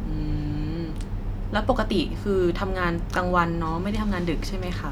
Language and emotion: Thai, neutral